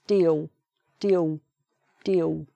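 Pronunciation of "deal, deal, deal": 'Deal' is said three times in a Cockney accent, with the L at the end sounding like a W.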